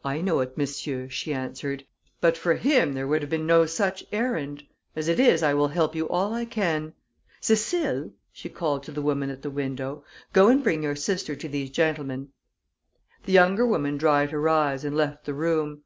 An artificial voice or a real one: real